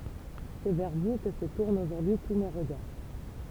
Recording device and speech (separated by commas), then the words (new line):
temple vibration pickup, read sentence
C’est vers vous que se tournent aujourd’hui tous mes regards.